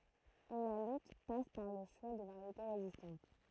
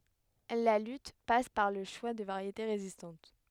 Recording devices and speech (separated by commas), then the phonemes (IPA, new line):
throat microphone, headset microphone, read sentence
la lyt pas paʁ lə ʃwa də vaʁjete ʁezistɑ̃t